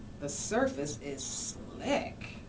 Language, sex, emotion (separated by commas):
English, female, disgusted